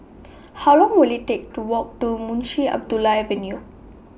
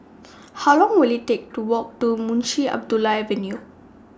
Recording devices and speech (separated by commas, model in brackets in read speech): boundary microphone (BM630), standing microphone (AKG C214), read sentence